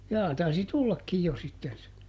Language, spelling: Finnish, jaa taisi tullakin jo sitten se
- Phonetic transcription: ˈjaa taisi "tullakkij ˈjo sitten se .

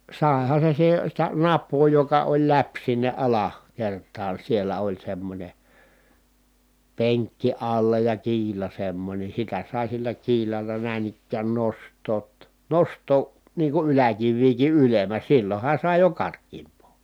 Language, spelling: Finnish, saihan se - sitä napaa joka oli läpi sinne - alakertaan siellä oli semmoinen penkki alla ja kiila semmoinen sitä sai sillä kiilalla näin ikään nostaa - nostaa niin kuin yläkiviäkin ylemmä silloinhan sai jo karkeampaa
- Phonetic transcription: sài̮ha se si(e-) , sitä nap̆poo joka oĺ läp sinne ʼala- , -kert̀aan̬ siellä oĺ semmońe , peŋkki alla ja kiila semmońe sitä sài̮ sillä kiilalla nä̀in ‿ikkään nost̆toot (ta) , nost̀oo , nii ku yläkivviiki ʼylem̀ä silloha sài jo kark̀iimp̆poo .

